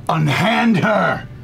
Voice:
deeply